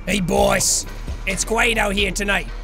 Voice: in a gruff voice